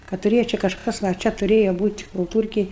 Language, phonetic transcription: Lithuanian, ka tuˈrėja čia kažˈkas a ˈčia tuˈrėja ˈbūt' kulˈtūrkėj

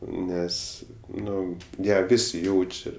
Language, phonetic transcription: Lithuanian, ˈnes ˈnu ˈją ˈvisi ˈjaučia

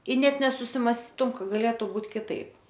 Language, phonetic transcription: Lithuanian, i ˈnet nesusimasˈtytum ˈka gaˈlėtu ˈbūt kiˈtaip

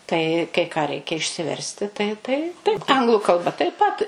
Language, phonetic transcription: Lithuanian, ˈtai kai ˈką ˈreikia išsiˈversti ˈtai tai taip ˈanglu kalˈba taip ˈpat

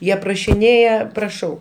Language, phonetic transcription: Lithuanian, ˈjie prašiˈnėja praˈšau

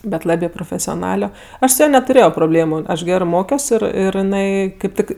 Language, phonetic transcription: Lithuanian, bet ˈlabė profesioˈnalio ˈaš su ˈja netuˈrėjo proˈblėmu ˈaš ˈgerɜ ˈmokios ˈir ir jiˈnai kaip ˈtik

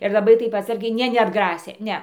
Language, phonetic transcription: Lithuanian, ir laˈbai ˈtaip atˈsargiai ˈne neatˈgrasė ˈne

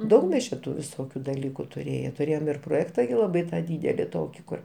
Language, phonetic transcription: Lithuanian, ˈdaug mes čia ˈtų viˈsokiu daˈlyku tuˈrėje tuˈrėjom ir proˈjekta gi laˈbai ˈtą ˈdydeli ˈtoki ˈkur

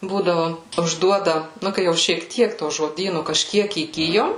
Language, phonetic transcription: Lithuanian, ˈbūdavu užˈduoda ˈnu kai jau šiek ˈtiek to žoˈdynu kažˈkiek įˈgijom

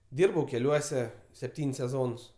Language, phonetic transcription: Lithuanian, ˈdyrbau keˈliuose sepˈtyn's' seˈzons

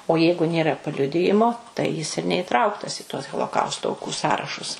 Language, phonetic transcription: Lithuanian, o ˈjeigu ˈnėra paˈliudijimo tai jis ir neiˈtrauktas i tuos holoˈkausto auˈkų ˈsąrašus

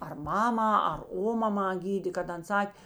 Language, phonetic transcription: Lithuanian, ar ˈmamą ar ˈomamą ˈgydė kad ˈan ˈsak'

